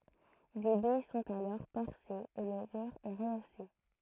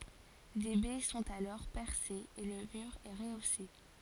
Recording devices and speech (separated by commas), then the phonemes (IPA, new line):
throat microphone, forehead accelerometer, read sentence
de bɛ sɔ̃t alɔʁ pɛʁsez e lə myʁ ɛ ʁəose